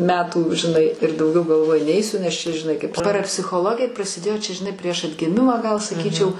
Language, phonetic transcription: Lithuanian, metų žiˈnai ir dauˈgiau galˈvoju ˈneisiu nes čia žiˈnai kaip parapsichoˈlogija prasiˈdėjo ˈčia žiˈnai prieš atgiˈmimą gal saˈkyčiau

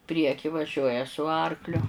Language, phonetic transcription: Lithuanian, ˈprieky vaˈžiuoja su ˈarkliu

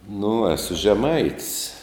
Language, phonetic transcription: Lithuanian, nu ˈesu žeˈmait's'

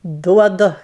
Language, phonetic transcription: Lithuanian, ˈduodu

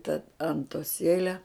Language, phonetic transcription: Lithuanian, ta antoˈsėle

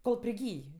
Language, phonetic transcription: Lithuanian, kol priˈgyj

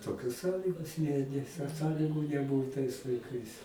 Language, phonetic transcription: Lithuanian, toˈkios ˈsąlygos ne nes są ˈsąligu neˈbuu tais laiˈkais

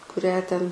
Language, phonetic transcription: Lithuanian, kuˈrią ten

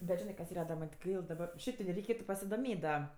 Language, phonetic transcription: Lithuanian, bet ˈžinɜ kas ˈyra da ˈman' ti ˈgail daˈbar ˈšiaip ti da reiˈkėtu pasidoˈmėt' da

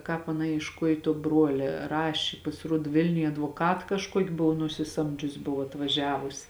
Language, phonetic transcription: Lithuanian, ˈkāp aˈna iešˈkuoj tuo ˈbruolia ˈrašė pasiˈruod ˈvilniuj advoˈkat kažˈkuoki ˈbuvo nusiˈsamdžius' ˈbuvo atvaˈžiavus

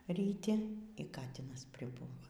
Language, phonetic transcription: Lithuanian, ryˈti y ˈkatinas priˈbūva

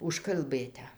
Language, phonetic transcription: Lithuanian, užkalˈbɘte

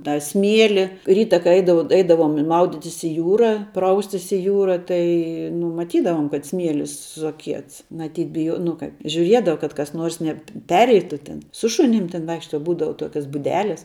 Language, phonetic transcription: Lithuanian, tą ˈsmieli ˈryta kai ˈeidavau ˈeidavom ˈmauditis i ˈjūra ˈpraustis i ˈjūra ˈtai nu maˈtydavom kad ˈsmielis suaˈkiets maˈtyt biˈjuo nu ˈkaip žiuˈriedava kad kas ˈnuors neˈpereitu tin su ˈšunim tin ˈvaikšta ˈbūdava ˈtokias buˈdeles

